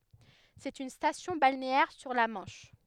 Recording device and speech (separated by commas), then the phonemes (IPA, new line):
headset microphone, read sentence
sɛt yn stasjɔ̃ balneɛʁ syʁ la mɑ̃ʃ